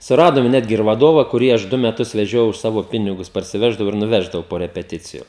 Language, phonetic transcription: Lithuanian, suˈradom ˈnetgi ir vaˈdova kuˈrį ˈaš ˈdu meˈtus veˈžiojau už ˈsavo ˈpinigus parsiˈveždavau ir nuˈveždavau po repeˈticiju

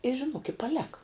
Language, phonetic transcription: Lithuanian, i žiˈnuok i paˈleka

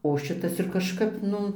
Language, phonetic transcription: Lithuanian, o ˈšitas ir kažˈkap ˈnu

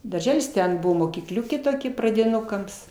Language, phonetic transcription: Lithuanian, darˈželis ˈten ˈbuvo mokyˈkliukė toˈkia pradiˈnukams

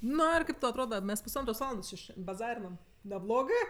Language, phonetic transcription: Lithuanian, ˈnu ir ˈkaip ˈtau atˈroda ˈmes pusˈantros ˈvalandos či šen baˈzarinam neˈblogɜ

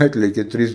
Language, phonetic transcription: Lithuanian, ˈatlėkė ˈtrys

